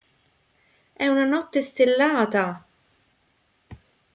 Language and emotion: Italian, happy